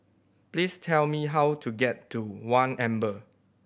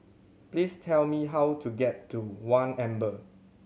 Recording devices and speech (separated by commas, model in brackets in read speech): boundary microphone (BM630), mobile phone (Samsung C7100), read sentence